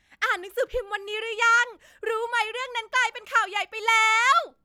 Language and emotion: Thai, happy